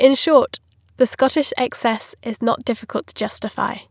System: none